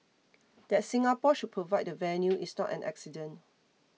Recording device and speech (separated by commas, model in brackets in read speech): mobile phone (iPhone 6), read sentence